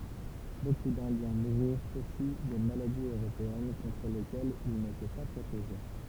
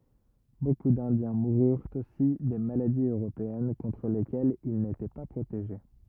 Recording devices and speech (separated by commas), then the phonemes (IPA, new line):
temple vibration pickup, rigid in-ear microphone, read sentence
boku dɛ̃djɛ̃ muʁyʁt osi de maladiz øʁopeɛn kɔ̃tʁ lekɛlz il netɛ pa pʁoteʒe